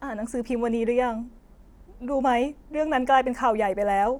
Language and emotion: Thai, sad